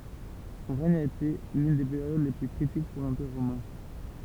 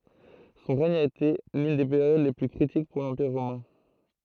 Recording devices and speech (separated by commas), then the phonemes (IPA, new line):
temple vibration pickup, throat microphone, read sentence
sɔ̃ ʁɛɲ a ete lyn de peʁjod le ply kʁitik puʁ lɑ̃piʁ ʁomɛ̃